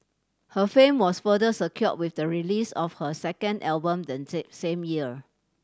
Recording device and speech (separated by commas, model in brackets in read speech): standing microphone (AKG C214), read sentence